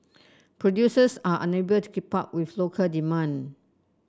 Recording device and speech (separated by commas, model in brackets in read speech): standing microphone (AKG C214), read sentence